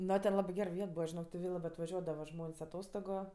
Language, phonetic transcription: Lithuanian, ˈno ten ˈlabɜ ˈger ˈviet ˈbūva žiˈnok ti ˈvė labɜ atvaˈžiuodava ˈžmon's' aˈtostogu

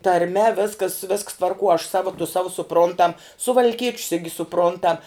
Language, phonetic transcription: Lithuanian, tarˈme ˈviskas visks tvarˈkuo aš ˈsava tu ˈsavu suˈpruntam suvalˈkieč's igi suˈpruntam

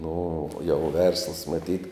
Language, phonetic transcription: Lithuanian, ˈnu jau ˈversləs maˈtyt

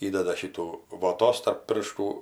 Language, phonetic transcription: Lithuanian, ˈįdeda ˈšytų voˈtos tarp ˈpirštų

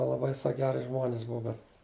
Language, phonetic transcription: Lithuanian, laˈbai ˈsak ˈgeri žmon's' ˈbua bet

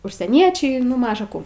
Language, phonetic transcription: Lithuanian, užsieˈniečiai nu ˈmaža kų

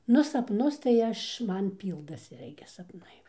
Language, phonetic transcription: Lithuanian, ˈnu sapˈnus tai ˈaš ˈman ˈpyldasi ˈirgi sapˈnai

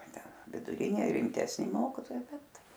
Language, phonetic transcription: Lithuanian, viduˈrinė rimtesˈni ˈmokytojai ˈbet

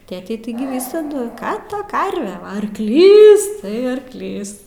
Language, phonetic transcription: Lithuanian, ˈtėtei ˈtaigi ˈvysadu ˈką ˈta ˈkarve ˈva arkˈlys tai arkˈlys

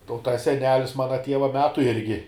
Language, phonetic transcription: Lithuanian, ˈta u ˈtas seˈnelis ˈmana ˈtieva ˈmetu ˈirgi

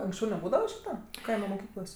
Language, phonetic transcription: Lithuanian, anksˈčiau neˈbūdava ˈšyta ˈkaima moˈkyklos'

